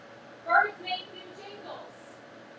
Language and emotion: English, neutral